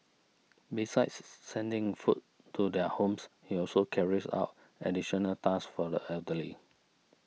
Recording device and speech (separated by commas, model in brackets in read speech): mobile phone (iPhone 6), read sentence